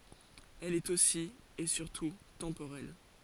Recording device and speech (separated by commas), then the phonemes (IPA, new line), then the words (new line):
forehead accelerometer, read sentence
ɛl ɛt osi e syʁtu tɑ̃poʁɛl
Elle est aussi, et surtout, temporelle.